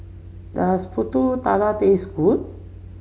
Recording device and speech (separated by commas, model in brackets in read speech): mobile phone (Samsung C7), read sentence